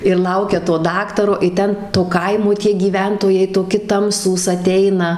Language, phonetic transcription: Lithuanian, ir ˈlaukia to ˈdaktaro i ˈten to ˈkaimo tie gyˈventojai toˈki ˈtamsūs aˈteina

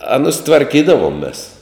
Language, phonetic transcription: Lithuanian, ˈanus tvarˈkydavom mės

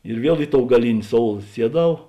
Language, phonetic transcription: Lithuanian, ir ˈviel ˈi ˌtou gaˈlini ˈsoul ˈsieˌdau

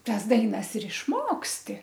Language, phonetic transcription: Lithuanian, ˈtas ˈdainas ir išˈmoksti

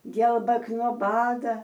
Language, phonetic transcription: Lithuanian, ˈgielbak no ˈbada

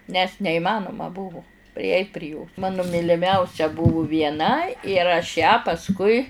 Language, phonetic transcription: Lithuanian, nes neiˈmanuma ˈbuvu priˈeit' pri jos ˈmanu myliˈmiausia ˈbuvu vieˈna ir aš ją pasˈkui

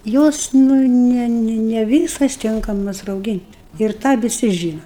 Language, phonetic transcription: Lithuanian, ˈjos ˈnu ne ne ˈvysas ˈtinkamas rauˈgynt' ir ˈtą viˈsi ˈžyna

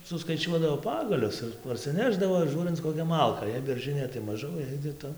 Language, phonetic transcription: Lithuanian, suskaiˈčiuodavo ˈpagalius ir parsiˈnešdavo ir ˈžūrinc koˈkia ˈmalka jei berˈžɨnė tai maˈžau jei kiˈta

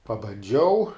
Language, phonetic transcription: Lithuanian, pabanˈdžiau

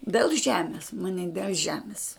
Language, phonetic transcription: Lithuanian, dėl ˈžemis maˈni del ˈžemis

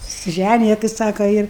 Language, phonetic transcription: Lithuanian, susiˈžænija tai ˈsaka ir

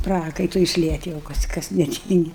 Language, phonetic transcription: Lithuanian, ˈprakaitui išˈliet' jau ˈkas kas neˈtyngi

